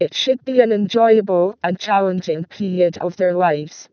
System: VC, vocoder